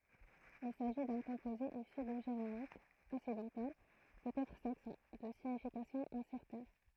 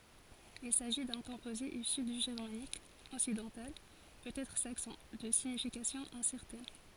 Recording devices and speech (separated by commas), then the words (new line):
throat microphone, forehead accelerometer, read sentence
Il s'agit d'un composé issu du germanique occidental, peut-être saxon, de signification incertaine.